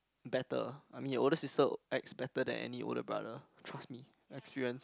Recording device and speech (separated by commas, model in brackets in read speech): close-talking microphone, conversation in the same room